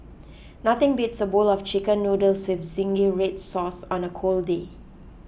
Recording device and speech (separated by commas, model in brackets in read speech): boundary microphone (BM630), read sentence